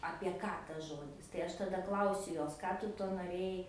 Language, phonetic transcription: Lithuanian, apie ˈką tas ˈžodis tai ˈaš taˈda ˈklausiu ˈjos ˈką tu ˈtuo noˈrėjai

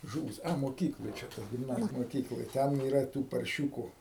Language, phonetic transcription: Lithuanian, ˈžūvis a moˈkykloj ˈčia ta gimˈnazij moˈkykloj ˈten yˈra ˈtų parˈšiūku

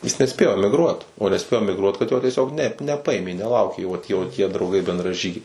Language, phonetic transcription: Lithuanian, jis neˈspėjo emigˈruot o neˈspėjo emigˈruot kad ˈjo tieˈsiog nep neˈpaimė neˈlaukė jo tie o tie drauˈgai bendraˈžygiai

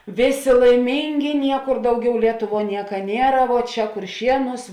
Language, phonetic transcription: Lithuanian, ˈvėˌsė laiˈmyngi ˈniekur ˈdauˌgiau lieˈtuˌvuo ˈnieka ˈniera vuo ˈčia kurˈšienūs

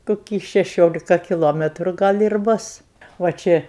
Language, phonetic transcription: Lithuanian, koˈkį šeˈšiolika kiˈlometru ˈgal' ir ˈbus va ˈčia

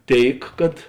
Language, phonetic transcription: Lithuanian, ˈtėik kad

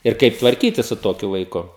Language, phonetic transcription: Lithuanian, ir ˈkaip tvarˈkytis su ˈtokiu vaiˈku

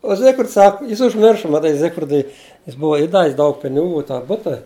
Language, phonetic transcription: Lithuanian, o ˈzigfrids ˈsak ˈjis užˈmirša maˈtai ˈzigfridui jis ˈbuva įˈdavis ˈdaug piniˈgų i tą ˈbuta

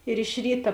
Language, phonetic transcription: Lithuanian, ir iš ˈryta

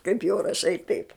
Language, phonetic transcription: Lithuanian, kaip jau raˈšai taip

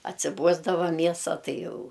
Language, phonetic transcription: Lithuanian, atsiˈbuosdava ˈmiesa ˈtai ˈjau

